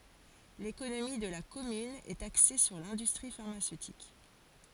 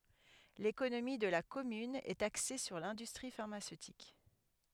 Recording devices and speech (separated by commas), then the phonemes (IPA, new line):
forehead accelerometer, headset microphone, read sentence
lekonomi də la kɔmyn ɛt akse syʁ lɛ̃dystʁi faʁmasøtik